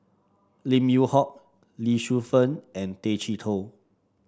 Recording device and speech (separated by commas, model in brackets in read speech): standing microphone (AKG C214), read sentence